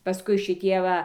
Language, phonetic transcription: Lithuanian, paˈskui šiˈtie ˈva

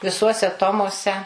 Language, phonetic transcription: Lithuanian, viˈsuose ˈtomuose

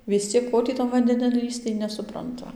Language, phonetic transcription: Lithuanian, vis ˈciek ˈko tį tan vandeˈnin ˈlįsc tai ˌnesupranˈtu

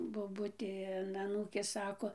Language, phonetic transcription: Lithuanian, boˈbutė an aˈnūkės ˈsako

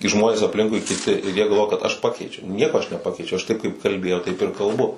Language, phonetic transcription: Lithuanian, kai ˈžmonės apˈlinkui kiˈti ir ˈjie galˈvoja kad aš ˈpakeičiau ˈnieko aš neˈpakeičiau aš ˈtaip kaip kalˈbėjau ˈtaip ir kalˈbu

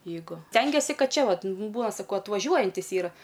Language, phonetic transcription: Lithuanian, jeiˈgu ˈstengiesi ˈkad ˈčia ˈvat ˈbūna saˈkau atvaˈžiuojantis ˈyra

